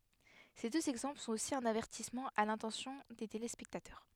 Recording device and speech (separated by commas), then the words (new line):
headset microphone, read sentence
Ces deux exemples sont aussi un avertissement à l'intention des téléspectateurs.